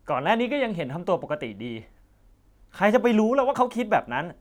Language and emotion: Thai, frustrated